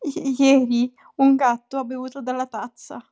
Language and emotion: Italian, fearful